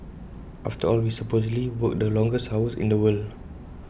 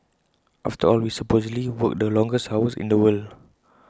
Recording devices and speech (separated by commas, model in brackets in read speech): boundary microphone (BM630), close-talking microphone (WH20), read sentence